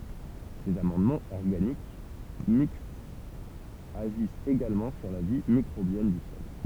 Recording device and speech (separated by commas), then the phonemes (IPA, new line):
temple vibration pickup, read sentence
sez amɑ̃dmɑ̃z ɔʁɡanik mikstz aʒist eɡalmɑ̃ syʁ la vi mikʁobjɛn dy sɔl